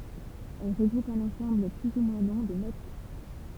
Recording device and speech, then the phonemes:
temple vibration pickup, read sentence
ɛl ʁəɡʁupt œ̃n ɑ̃sɑ̃bl ply u mwɛ̃ lɔ̃ də not

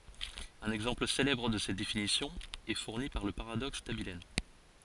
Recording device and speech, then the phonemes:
forehead accelerometer, read sentence
œ̃n ɛɡzɑ̃pl selɛbʁ də sɛt definisjɔ̃ ɛ fuʁni paʁ lə paʁadɔks dabiln

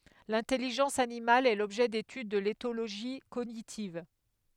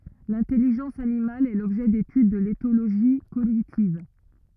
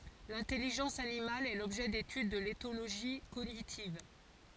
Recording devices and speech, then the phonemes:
headset microphone, rigid in-ear microphone, forehead accelerometer, read sentence
lɛ̃tɛliʒɑ̃s animal ɛ lɔbʒɛ detyd də letoloʒi koɲitiv

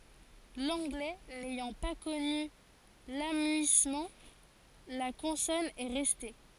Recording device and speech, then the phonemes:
forehead accelerometer, read sentence
lɑ̃ɡlɛ nɛjɑ̃ pa kɔny lamyismɑ̃ la kɔ̃sɔn ɛ ʁɛste

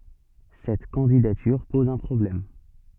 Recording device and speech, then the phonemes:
soft in-ear microphone, read sentence
sɛt kɑ̃didatyʁ pɔz œ̃ pʁɔblɛm

